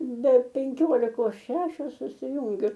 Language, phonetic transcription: Lithuanian, be penˈkiolikos ˈšešios susiˈjungiu

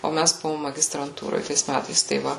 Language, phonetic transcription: Lithuanian, o ˈmæs ˈbuvom magistranˈtūroj ˈtais ˈmætais tai ˈva

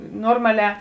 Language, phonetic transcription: Lithuanian, ˈnormaˌlē

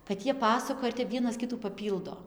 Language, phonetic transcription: Lithuanian, kad ˈjie ˈpasakoja ir tep ˈvienas ˈkitų paˈpyldo

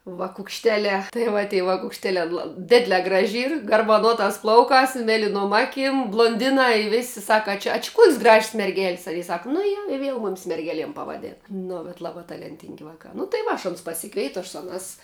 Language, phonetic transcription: Lithuanian, vakukšˈteliā tai ˈva ty vakukšˈteliā la ˈdidlē ˈgraži ˈyr garbaˈnuotās ˈplaukās i ˈmelinuom ˈaˌkim bluonˈdinā i ˈvėsi ˈsaka a ˈčia a či kuok's' graž's' merˈgel's' a jie ˈsak nu ˈje i ˈviel ˈmumis merˈgeliem pavaˈdėna ˈnu bet ˈlabā talenˈtingi ˈvakā nu tai ˈva aš aˈnus pasiˈkveitu aš ˈsu aˌnās

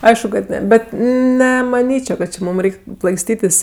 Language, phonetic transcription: Lithuanian, ˈaišku kad ˈne ˈbet nemaˈnyčio kad či ˈmūm ˈreik' plaiksˈtytis

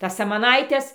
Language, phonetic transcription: Lithuanian, ˈtas samaˈnaites

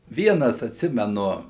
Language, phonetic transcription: Lithuanian, ˈvienas atˈsimenu

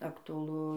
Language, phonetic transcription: Lithuanian, aktuaˈlu

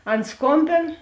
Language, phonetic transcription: Lithuanian, ˈan ˈskombėn

